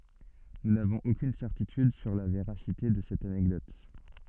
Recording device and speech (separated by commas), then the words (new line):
soft in-ear microphone, read sentence
Nous n'avons aucune certitude sur la véracité de cette anecdote.